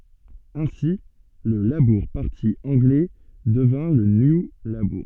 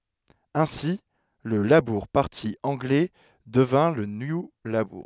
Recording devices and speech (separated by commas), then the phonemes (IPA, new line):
soft in-ear microphone, headset microphone, read sentence
ɛ̃si lə labuʁ paʁti ɑ̃ɡlɛ dəvjɛ̃ lə nju labuʁ